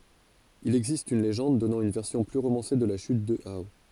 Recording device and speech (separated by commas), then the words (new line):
forehead accelerometer, read sentence
Il existe une légende donnant une version plus romancée de la chute de Hao.